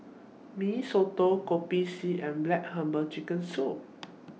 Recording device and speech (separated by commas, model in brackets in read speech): mobile phone (iPhone 6), read sentence